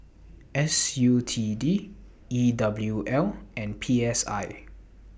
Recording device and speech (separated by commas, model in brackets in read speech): boundary microphone (BM630), read sentence